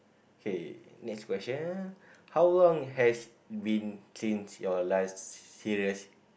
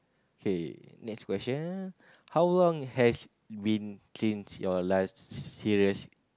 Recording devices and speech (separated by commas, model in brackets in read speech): boundary microphone, close-talking microphone, conversation in the same room